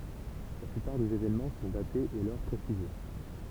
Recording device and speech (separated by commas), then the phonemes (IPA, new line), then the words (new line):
temple vibration pickup, read sentence
la plypaʁ dez evenmɑ̃ sɔ̃ datez e lœʁ pʁesize
La plupart des événements sont datés et l'heure précisée.